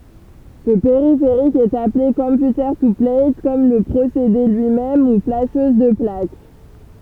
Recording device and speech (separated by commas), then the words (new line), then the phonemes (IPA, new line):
temple vibration pickup, read sentence
Ce périphérique est appelé computer-to-plate, comme le procédé lui-même, ou flasheuse de plaque.
sə peʁifeʁik ɛt aple kɔ̃pjutəʁ tu plɛjtkɔm lə pʁosede lyi mɛm u flaʃøz də plak